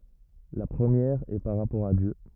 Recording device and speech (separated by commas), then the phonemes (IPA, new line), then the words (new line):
rigid in-ear microphone, read sentence
la pʁəmjɛʁ ɛ paʁ ʁapɔʁ a djø
La première est par rapport à Dieu.